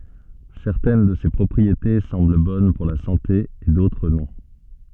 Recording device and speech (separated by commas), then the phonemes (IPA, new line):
soft in-ear microphone, read sentence
sɛʁtɛn də se pʁɔpʁiete sɑ̃bl bɔn puʁ la sɑ̃te e dotʁ nɔ̃